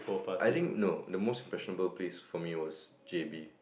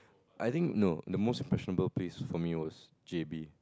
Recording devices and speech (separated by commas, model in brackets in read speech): boundary microphone, close-talking microphone, conversation in the same room